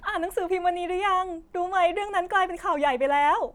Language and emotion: Thai, happy